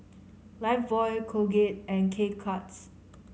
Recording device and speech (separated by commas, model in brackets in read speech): mobile phone (Samsung C5010), read sentence